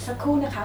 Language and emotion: Thai, neutral